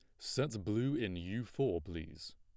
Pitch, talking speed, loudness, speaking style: 95 Hz, 165 wpm, -38 LUFS, plain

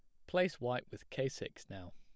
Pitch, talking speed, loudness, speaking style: 130 Hz, 215 wpm, -39 LUFS, plain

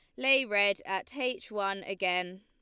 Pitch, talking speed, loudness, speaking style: 200 Hz, 165 wpm, -30 LUFS, Lombard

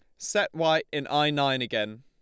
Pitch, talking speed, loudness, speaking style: 145 Hz, 200 wpm, -26 LUFS, Lombard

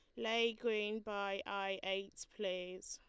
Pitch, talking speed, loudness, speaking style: 200 Hz, 135 wpm, -40 LUFS, Lombard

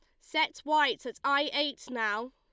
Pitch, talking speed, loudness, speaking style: 285 Hz, 170 wpm, -30 LUFS, Lombard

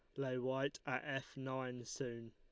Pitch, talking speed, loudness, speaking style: 130 Hz, 170 wpm, -43 LUFS, Lombard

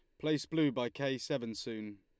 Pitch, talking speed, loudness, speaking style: 135 Hz, 200 wpm, -36 LUFS, Lombard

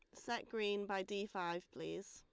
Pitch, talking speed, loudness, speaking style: 205 Hz, 190 wpm, -43 LUFS, Lombard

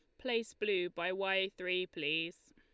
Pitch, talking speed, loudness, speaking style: 195 Hz, 155 wpm, -36 LUFS, Lombard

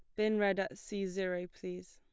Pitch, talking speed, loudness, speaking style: 195 Hz, 210 wpm, -36 LUFS, plain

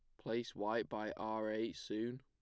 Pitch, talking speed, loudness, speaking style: 110 Hz, 180 wpm, -41 LUFS, plain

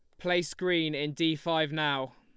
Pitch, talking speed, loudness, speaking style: 160 Hz, 185 wpm, -29 LUFS, Lombard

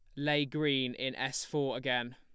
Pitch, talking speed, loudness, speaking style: 135 Hz, 185 wpm, -33 LUFS, plain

